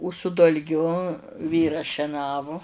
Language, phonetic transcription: Lithuanian, u su dalˈgiu ˈvyras šeˈnavu

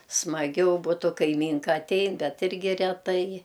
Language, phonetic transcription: Lithuanian, smaˈgiau ˈbutu kaiˈmynka atˈein ˈbet ˈirgi reˈtai

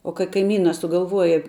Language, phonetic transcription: Lithuanian, o ka kaiˈmyna sugalˈvuoja

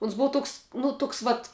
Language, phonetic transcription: Lithuanian, uns ˈbua ˈtoks nu ˈtoks ˈvat

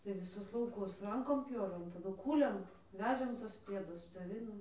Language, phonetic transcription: Lithuanian, tai viˈsus lauˈkus ˈrankom ˈpjovėm taˈdu ˈkūlėm ˈvežėm ˈtuos ˈpiedus dzioˈvinom

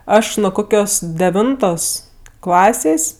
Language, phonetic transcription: Lithuanian, ˈaš nu ˈkokios deˈvintos ˈklasės'

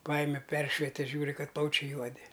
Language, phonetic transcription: Lithuanian, ˈpajime ˈperšvete ˈžiūri ˈkad ˈplaučiai ˈjuodi

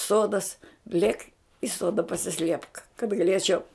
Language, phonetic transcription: Lithuanian, ˈsodas ˈlėk i ˈsoda pasiˈsliepk kad gaˈlėčiau

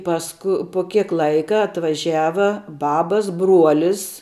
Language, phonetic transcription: Lithuanian, ˈpasku pu ˈkiek ˈlaika atvaˈžiava ˈbabas ˈbruolis

